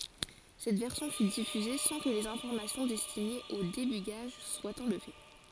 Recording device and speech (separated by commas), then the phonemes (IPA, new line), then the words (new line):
forehead accelerometer, read sentence
sɛt vɛʁsjɔ̃ fy difyze sɑ̃ kə lez ɛ̃fɔʁmasjɔ̃ dɛstinez o debyɡaʒ swat ɑ̃lve
Cette version fut diffusée sans que les informations destinées au débugage soient enlevées.